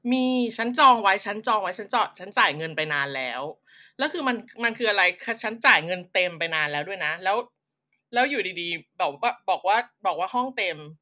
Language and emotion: Thai, angry